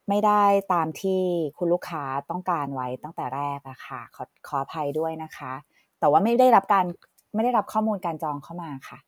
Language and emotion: Thai, sad